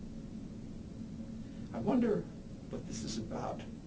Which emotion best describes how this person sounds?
neutral